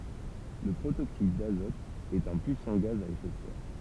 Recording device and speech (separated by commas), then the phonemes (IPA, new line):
temple vibration pickup, read sentence
lə pʁotoksid dazɔt ɛt œ̃ pyisɑ̃ ɡaz a efɛ də sɛʁ